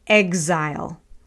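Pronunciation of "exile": In 'exile', the x is voiced, not unvoiced.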